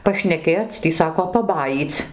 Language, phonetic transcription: Lithuanian, pašneˈkėc ˈtį ˈsako paˈbajyc

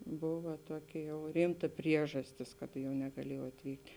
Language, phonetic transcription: Lithuanian, ˈbova ˈtuoˌki jau ˈrymta ˈpriežastis kad jau negaˈliejau atˈvykt'

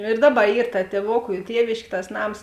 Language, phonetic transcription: Lithuanian, ir ˈdaˌba ˈyr ta tieˈvoku i ˈtievėškė tas ˈnams

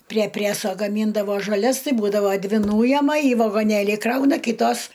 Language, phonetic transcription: Lithuanian, prie ˈpræso gaˈmyndavo žaˈlias ˈtai ˈbūdavo ˈdvi ˈnūjema į vagoˈnėlį ˈkrauna ˈkytos

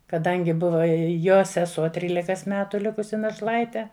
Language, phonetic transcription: Lithuanian, kaˈdangi ˈbuva i ˈjo seˈsuo ˈtrylikas ˈmetu ˈlikusi našˈlaite

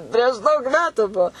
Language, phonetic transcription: Lithuanian, prieš ˈdaug ˈmetu ˈbuo

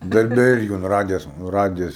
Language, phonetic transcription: Lithuanian, darˈbe ˈirgi un ˈradijas nu ˈradijas

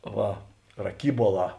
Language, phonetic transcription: Lithuanian, ˈva raˈkybuoˌlā

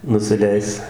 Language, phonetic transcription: Lithuanian, nusiˈleis

